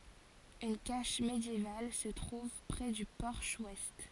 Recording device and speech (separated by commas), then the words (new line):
forehead accelerometer, read sentence
Une cache médiévale se trouve près du porche ouest.